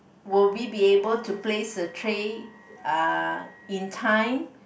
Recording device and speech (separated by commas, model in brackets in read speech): boundary microphone, conversation in the same room